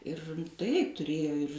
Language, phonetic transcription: Lithuanian, ir ˈtai tuˈrėjo ir

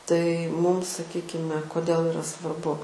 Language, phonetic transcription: Lithuanian, tai ˈmūm saˈkykime koˈdėl iˈra svarˈbu

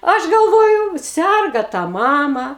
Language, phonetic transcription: Lithuanian, ˈaš galˈvoju ˈserga tą ˈmama

